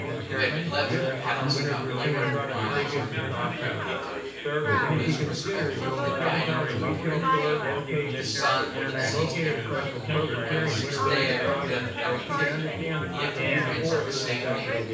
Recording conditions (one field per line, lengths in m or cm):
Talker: one person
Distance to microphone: 9.8 m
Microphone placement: far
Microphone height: 1.8 m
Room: large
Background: babble